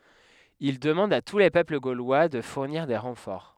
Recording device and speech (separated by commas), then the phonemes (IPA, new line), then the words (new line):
headset microphone, read sentence
il dəmɑ̃d a tu le pøpl ɡolwa də fuʁniʁ de ʁɑ̃fɔʁ
Il demande à tous les peuples gaulois de fournir des renforts.